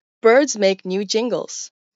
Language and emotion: English, neutral